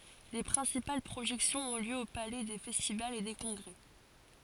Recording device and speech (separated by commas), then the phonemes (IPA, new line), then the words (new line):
forehead accelerometer, read sentence
le pʁɛ̃sipal pʁoʒɛksjɔ̃z ɔ̃ ljø o palɛ de fɛstivalz e de kɔ̃ɡʁɛ
Les principales projections ont lieu au Palais des festivals et des congrès.